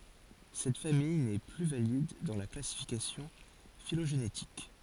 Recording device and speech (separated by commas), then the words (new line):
forehead accelerometer, read sentence
Cette famille n'est plus valide dans la classification phylogénétique.